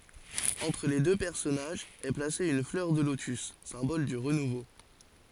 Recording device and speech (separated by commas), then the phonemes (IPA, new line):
forehead accelerometer, read sentence
ɑ̃tʁ le dø pɛʁsɔnaʒz ɛ plase yn flœʁ də lotys sɛ̃bɔl dy ʁənuvo